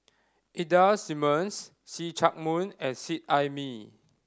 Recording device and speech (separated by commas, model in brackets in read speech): standing microphone (AKG C214), read sentence